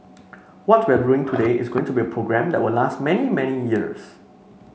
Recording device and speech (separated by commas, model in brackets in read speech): mobile phone (Samsung C5), read sentence